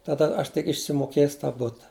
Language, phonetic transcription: Lithuanian, taˈda ˈaš tik išsimoˈkės tą ˈbuta

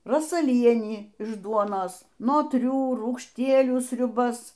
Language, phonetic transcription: Lithuanian, rosaˈlienį iš ˈduonos notˈrių rūgšˈtielių sriuˈbas

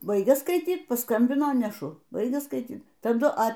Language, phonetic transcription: Lithuanian, ˈbaigia skaiˈtyt paˈskambino neˈšu ˈbaigia skaiˈtyt taˈdu a

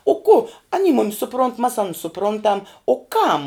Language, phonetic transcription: Lithuanian, o ku aˈny ˈmumis suˈpront mas ˈanus suˈprontam o ˈkam

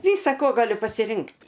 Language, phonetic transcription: Lithuanian, ˈvysa ko ˈgaliu pasiˈrinkt'

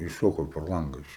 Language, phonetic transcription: Lithuanian, išˈšoko per ˈlanga ˈiš

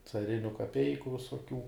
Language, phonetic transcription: Lithuanian, caˈriniu kaˈpeiku visoˈkių

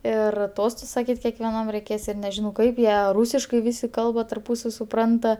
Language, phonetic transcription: Lithuanian, ˈir ˈtostus saˈkyt' kekveˈnam reiˈkės ˈir neˈžinau ˈkaip ˈjie ˈrūsiškai ˈvisi ˈkalba tarˈpūsav' suˈpranta

